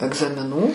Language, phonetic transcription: Lithuanian, egzamiˈnų

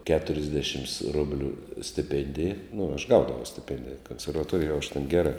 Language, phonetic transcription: Lithuanian, keturisˈdešims ˈrublių stiˈpėndija nu aš ˈgaudavau stiˈpendija konservaˈtorijoj jau aš ten ˈgerā

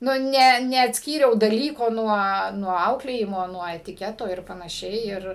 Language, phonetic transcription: Lithuanian, nu ˈne neatsˈkyriau daˈlyko nuo nuo ˈauklėjimo nuo etiˈketo ˈir panaˈšiai ir

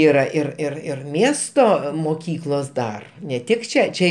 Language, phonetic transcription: Lithuanian, yˈra ir ir ir ˈmiesto moˈkyklos ˈdar ne ˈtik ˈčia ˈčia

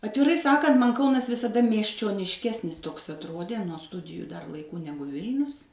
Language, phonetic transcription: Lithuanian, atviˈrai ˈsakant ˈman' ˈkaunas visaˈda miesčionišˈkesnis toks atˈrodė nuo ˈstudiju dar laiˈkų ˈnegu ˈvilnius

